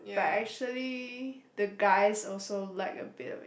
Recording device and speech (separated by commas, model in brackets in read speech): boundary microphone, conversation in the same room